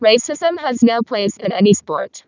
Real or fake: fake